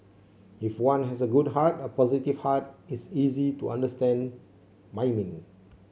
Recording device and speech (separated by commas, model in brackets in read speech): mobile phone (Samsung C7), read sentence